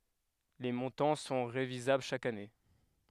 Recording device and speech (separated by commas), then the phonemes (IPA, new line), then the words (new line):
headset microphone, read sentence
le mɔ̃tɑ̃ sɔ̃ ʁevizabl ʃak ane
Les montants sont révisables chaque année.